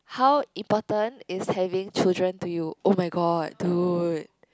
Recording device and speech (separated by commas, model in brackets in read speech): close-talking microphone, conversation in the same room